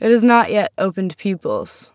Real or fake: real